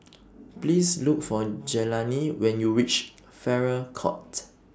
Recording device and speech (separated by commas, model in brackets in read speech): standing microphone (AKG C214), read sentence